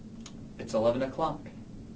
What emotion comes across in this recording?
neutral